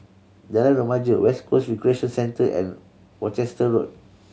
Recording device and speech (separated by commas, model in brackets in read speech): mobile phone (Samsung C7100), read sentence